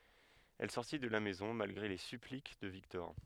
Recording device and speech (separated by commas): headset microphone, read sentence